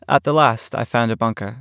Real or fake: real